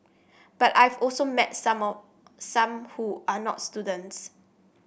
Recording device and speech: boundary microphone (BM630), read sentence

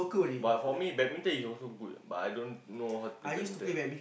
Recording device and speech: boundary microphone, conversation in the same room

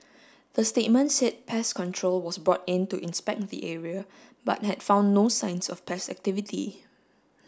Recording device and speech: standing microphone (AKG C214), read sentence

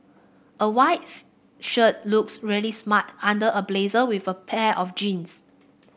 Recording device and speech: boundary microphone (BM630), read sentence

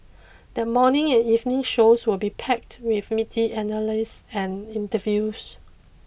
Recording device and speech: boundary microphone (BM630), read sentence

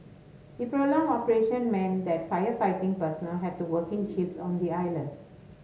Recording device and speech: mobile phone (Samsung S8), read sentence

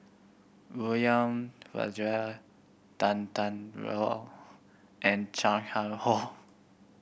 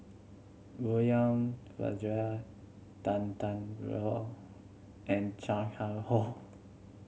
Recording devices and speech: boundary microphone (BM630), mobile phone (Samsung C7100), read sentence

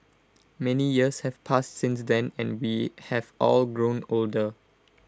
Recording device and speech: close-talking microphone (WH20), read sentence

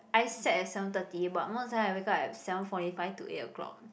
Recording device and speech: boundary microphone, conversation in the same room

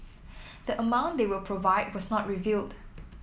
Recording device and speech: mobile phone (iPhone 7), read sentence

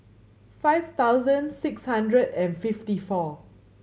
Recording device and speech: mobile phone (Samsung C7100), read sentence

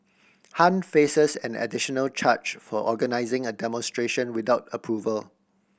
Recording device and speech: boundary microphone (BM630), read sentence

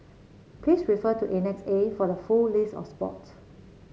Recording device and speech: mobile phone (Samsung C7), read sentence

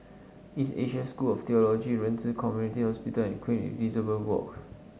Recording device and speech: mobile phone (Samsung S8), read sentence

